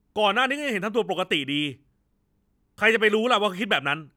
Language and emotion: Thai, angry